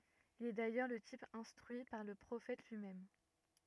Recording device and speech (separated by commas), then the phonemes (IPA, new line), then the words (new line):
rigid in-ear microphone, read sentence
il ɛ dajœʁ lə tip ɛ̃stʁyi paʁ lə pʁofɛt lyimɛm
Il est d’ailleurs le type instruit par le Prophète lui-même.